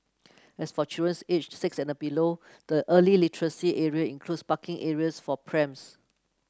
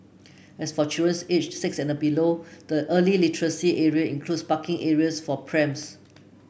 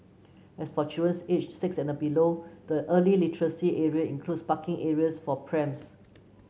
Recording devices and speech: close-talking microphone (WH30), boundary microphone (BM630), mobile phone (Samsung C9), read sentence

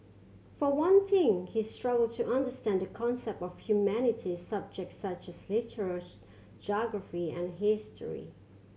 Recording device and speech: mobile phone (Samsung C7100), read sentence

